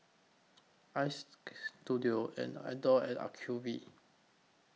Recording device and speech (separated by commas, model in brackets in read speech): mobile phone (iPhone 6), read sentence